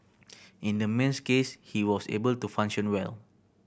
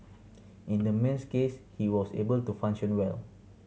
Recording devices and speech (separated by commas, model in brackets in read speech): boundary microphone (BM630), mobile phone (Samsung C7100), read sentence